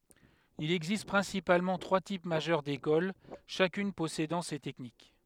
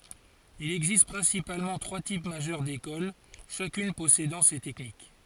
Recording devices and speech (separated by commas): headset microphone, forehead accelerometer, read sentence